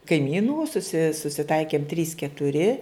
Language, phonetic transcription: Lithuanian, kaiˈmynų suˈsi susiˈtaikėm trys ketuˈri

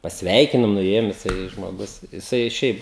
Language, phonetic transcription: Lithuanian, pasˈveikinum nuˈėjum jiˈsai žmoˈgus jiˈsai ˈšiaip

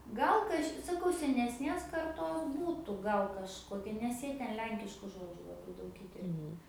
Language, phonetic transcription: Lithuanian, ˈgal kaž' saˈkau senesˈnės karˈtos ˈbūtu ˈgal kažˈkokia nes ˈjie ˈten ˈlenkišku ˈžodžiu laˈbai ˈdaug ˈįterpia

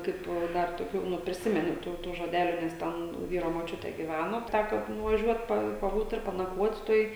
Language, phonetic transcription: Lithuanian, ˈkaip ˈdar toˈkių nu priˈsimenu ˈtų ˈtų žoˈdeliu ˈnes ˈten ˈvyro moˈčiutė gyˈvæno ˈtæko nuvaˈžiuot ˈpa paˈbūt ir panaˈkvot' ˈtoj

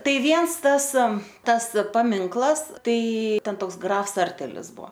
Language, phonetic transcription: Lithuanian, ˈtai ˈviens ˈtas ˈtas paˈminklas ˈtai ˈten ˈtoks ˈgrafs ˈsartelis ˈbuo

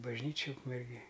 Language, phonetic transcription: Lithuanian, bažˈnyčij ukmerˈgėj

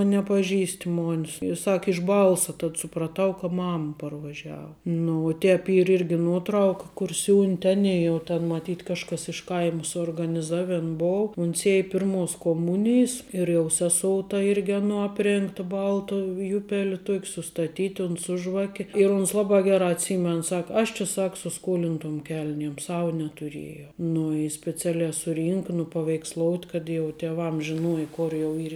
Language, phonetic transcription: Lithuanian, a nepaˈžįst' ˈmonis i ˈsak iš ˈbalsa tad supraˈtau ka ˈmama parvaˈžiava nu o ˈtēp ˈyr ˈirgi nuoˈtrauka kur ˈsiūnte ˈanei ˈjau ten maˈtyt' ˈkažkas iš ˈkaima suorganiˈzaven ˈbou uns ˈiej ˈpirmuos koˈmunijs ir jau seˈsou ta ˈirgi aˈnuo ˈapˌrėngta ˈbalta ˈjupeliu ˈtuok' sustaˈtyti uns ˈsu žvake ir uns ˈlabā ˈgerā atˈsymen ˈsak ˈaš či ˈsak su ˈskolintom ˈkel'niem ˈsau netuˈriejau nu i speˈcialē suˈrynka nupaveiksˈlout' kad jau teˈvam žiˈnuoj ˈkor jau ˈyr

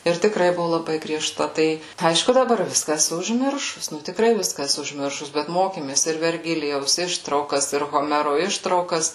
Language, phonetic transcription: Lithuanian, ˈir tikˈrai ˈbuvu laˈbai grieˈžta ˈtai ˈaišku daˈbar ˈviska eˈsu užˈmiršus ˈnu tikˈrai ˈviska eˈsu užˈmiršus bet ˈmokėmės ir verˈgilijaus ˈištraukas ir hoˈmero ˈištraukas

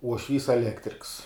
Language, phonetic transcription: Lithuanian, uošˈvys eˈlektriks

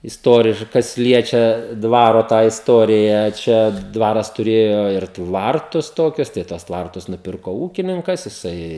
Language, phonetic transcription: Lithuanian, isˈtoriš ˈkas ˈliečia ˈdvaro tą isˈtoriją ˈčia ˈdvaras tuˈrėjo ir ˈtvartus ˈtokius tai ˈtuos ˈtvartus nuˈpirko ˈūkininkas jiˈsai

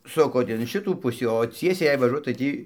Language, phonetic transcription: Lithuanian, ˈsukot in ˈšitų ˈpusį o ˈciesiai jei vaˈžuot tai ˈtį

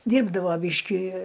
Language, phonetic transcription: Lithuanian, ˈdyrbdavo ˈbyški

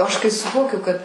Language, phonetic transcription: Lithuanian, aš kai suˈvokiu kad

